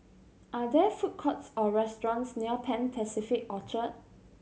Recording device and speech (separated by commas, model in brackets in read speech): mobile phone (Samsung C7100), read sentence